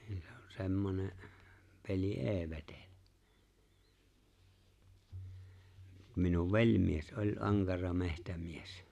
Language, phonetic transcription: Finnish, ɴɪÍ se on 'se̬mmone , pel̜i "’e̬e̬ 've̬tele , minuv "veĺmies '’oĺ́ "’aŋkara 'mehtämies .
- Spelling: niin se on semmoinen peli ei vetele minun velimies oli ankara metsämies

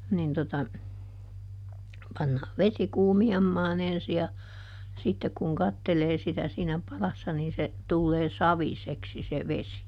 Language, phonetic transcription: Finnish, nin tota , ˈpannaa "vesi ˈkuumi₍ammaan ‿ensi ja , ˈsittek kuŋ "kattelee sitä siinä ˈpalassa niin se , ˈtullee "saviseksi se ˈvesi .
- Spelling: niin tuota pannaan vesi kuumiamaan ensi ja sitten kun katselee sitä siinä padassa niin se tulee saviseksi se vesi

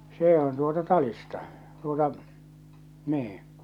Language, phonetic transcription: Finnish, 'see on tuota 'talista , tuota , 'niiḭ .
- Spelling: se on tuota talista tuota niin

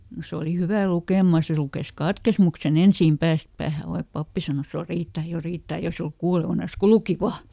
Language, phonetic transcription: Finnish, ˈse oli ˈhyvä "lukèma ˈse lukes "katkesmukseˈn ‿ensìm ˈpääst päähä vaik ˈpappi sanos » jo ˈriittä jo ˈriittä » eikä se oluk ˈkuulevanas ku "luki "vaa .
- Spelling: se oli hyvä lukemaan se luki katekismuksen ensin päästä päähän vaikka pappi sanoi jo riittää jo riittää eikä se ollut kuulevinansa kun luki vain

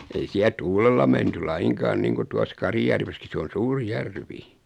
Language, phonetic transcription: Finnish, 'ei siä 'tuulella menty 'laiŋkaan 'niiŋku 'tuas "Kar[h]ijärveski 'se on̬ "suuri 'järvi .
- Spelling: ei siellä tuulella menty lainkaan niin kuin tuossa Karhijärvessäkin se on suuri järvi

